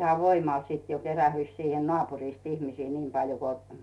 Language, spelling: Finnish, ihan voimalla sitten jo kerääntyi siihen naapurista ihmisiä niin paljon kun
- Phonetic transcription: iha 'voimàl sìt jo 'kerähyⁱs siihen 'nᵒàpurist ihmisii "niim 'paljo ko .

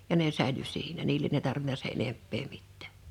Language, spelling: Finnish, ja ne säilyi siinä niille ei tarvinnut sen enempää mitään
- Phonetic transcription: ja ne 'sä̀ḙly 'siinä 'niilen ‿e[i] tarvina 'se’ '’enemppee 'mittᴀ̈ .

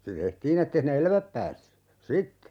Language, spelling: Finnish, se tehtiin että ei sinne elävät päässyt sitten
- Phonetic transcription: se 'tehtiin ‿ettei sinne "eläväp päässy , "sitte .

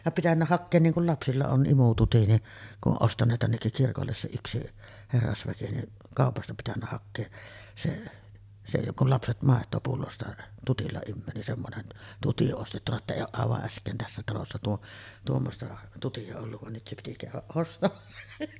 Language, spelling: Finnish, ja pitänyt hakea niin kun lapsilla on imututti niin kun on ostaneet tännekin kirkolle se yksi herrasväki niin kaupasta pitänyt hakea se se joka on lapset maitoa pullosta tutilla imee niin semmoinen tutti ostettu että ei ole aivan äsken tässä talossa - tuommoista tuttia ollut vaan nyt se piti käydä ostamassa
- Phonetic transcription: ja 'pitännä hakkeen 'niiŋ kul lapsilla on ˀimututi ni , kuˀ 'ˀoˀ 'ˀostaǹeet tännekkik 'kirkolles se 'yksi , 'herrasväki ni , 'kàopasta pitännä hakkees se , se 'jokᵏ ‿ol 'lapset màet̆too pullosta 'tutilla immöö nin 'semmonen , 'tuti ostettuna että 'eij̆j ‿ooˀ ˀàevaˀ ˀäsk̀een tässä talossa tuo- , 'tuommosta tuti₍a olluv van 'nyt se piti kä̀yväˀ 'ˀostamassa .

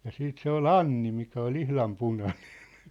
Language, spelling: Finnish, ja sitten se oli Anni mikä oli ihan punainen
- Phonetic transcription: ja 'siit 'se ‿ol "Anni mikä ol "ihlam "punanᴇɴ .

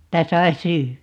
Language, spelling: Finnish, että sai syödä
- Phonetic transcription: tä 'sai "syy₍ä .

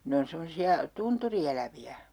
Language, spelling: Finnish, ne on semmoisia tunturieläviä
- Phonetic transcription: 'ne on 'semosi₍a , "tunturi₍elävi₍ä .

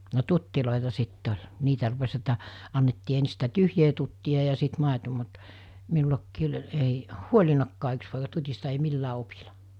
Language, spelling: Finnish, no tutteja sitten oli niitä rupesi että annettiin ensin sitä tyhjää tuttia ja sitten maito mutta minullakin oli ei huolinutkaan yksi poika tutista ei millään opilla
- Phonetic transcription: no 'tuttilòita 'sit't ‿oĺ , 'niitä rupes ‿että , annettii ensɪ sitä 'tyhjee tutti₍a ja sit 'màeto mut , 'minulakkii oĺ ei , "huoĺinakkaa 'yks poika 'tut́ista ei 'millää 'opila .

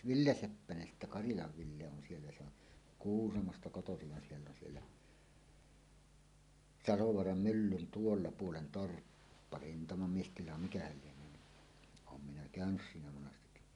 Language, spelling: Finnish, Ville Seppänen sitten Karilan Ville on siellä se on Kuusamosta kotoisin vaan siellä on siellä Salovaaran myllyn tuolla puolen torppa rintamamiestila mikähän lienee niin olen minä käynyt siinä monasti
- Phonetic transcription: Ville 'Seppänen sittä "Karilav 'Ville on siellä se ‿on , "Kuusamosta 'kotosiv va 'siell ‿on siellä , "Salovoaram "myllyn "tuolla 'puolen "torppa "rintamamiestila 'mikähäl lieǹöö ni , oom minä "kä̀önys 'siinä 'monastekki .

